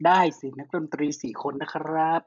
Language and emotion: Thai, happy